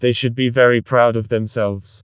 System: TTS, vocoder